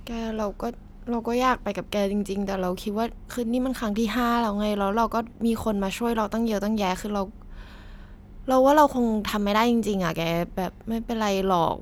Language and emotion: Thai, sad